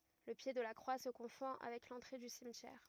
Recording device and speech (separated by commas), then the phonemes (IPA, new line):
rigid in-ear microphone, read sentence
lə pje də la kʁwa sə kɔ̃fɔ̃ avɛk lɑ̃tʁe dy simtjɛʁ